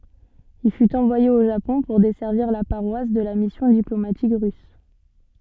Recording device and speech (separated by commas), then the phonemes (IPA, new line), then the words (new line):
soft in-ear microphone, read sentence
il fyt ɑ̃vwaje o ʒapɔ̃ puʁ dɛsɛʁviʁ la paʁwas də la misjɔ̃ diplomatik ʁys
Il fut envoyé au Japon pour desservir la paroisse de la mission diplomatique russe.